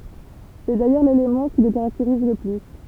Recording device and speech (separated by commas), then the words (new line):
temple vibration pickup, read sentence
C'est d'ailleurs l'élément qui le caractérise le plus.